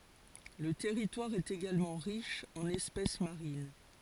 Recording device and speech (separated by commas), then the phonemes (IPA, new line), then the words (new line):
forehead accelerometer, read sentence
lə tɛʁitwaʁ ɛt eɡalmɑ̃ ʁiʃ ɑ̃n ɛspɛs maʁin
Le territoire est également riche en espèces marines.